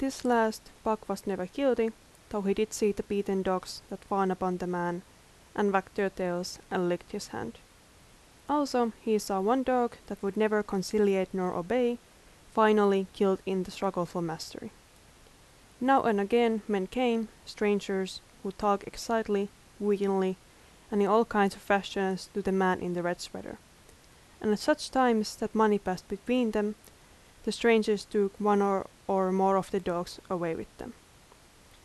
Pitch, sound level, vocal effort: 205 Hz, 81 dB SPL, normal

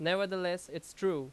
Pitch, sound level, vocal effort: 175 Hz, 90 dB SPL, very loud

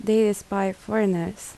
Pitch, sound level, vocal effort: 200 Hz, 76 dB SPL, soft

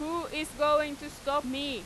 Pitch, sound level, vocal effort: 295 Hz, 94 dB SPL, very loud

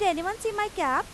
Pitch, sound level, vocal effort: 390 Hz, 94 dB SPL, loud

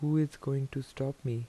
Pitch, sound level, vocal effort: 135 Hz, 79 dB SPL, soft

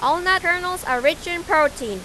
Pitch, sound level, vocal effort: 315 Hz, 97 dB SPL, very loud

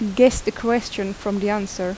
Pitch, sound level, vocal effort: 210 Hz, 83 dB SPL, normal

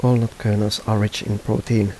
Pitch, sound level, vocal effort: 105 Hz, 79 dB SPL, soft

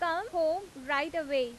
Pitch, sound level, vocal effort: 320 Hz, 93 dB SPL, loud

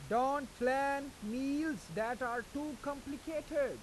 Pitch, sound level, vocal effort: 275 Hz, 95 dB SPL, loud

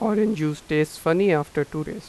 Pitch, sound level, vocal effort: 155 Hz, 87 dB SPL, normal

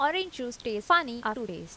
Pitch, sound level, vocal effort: 245 Hz, 87 dB SPL, normal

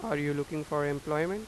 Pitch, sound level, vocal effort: 150 Hz, 90 dB SPL, normal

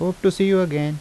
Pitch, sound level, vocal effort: 185 Hz, 83 dB SPL, normal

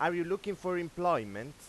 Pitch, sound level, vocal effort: 175 Hz, 98 dB SPL, very loud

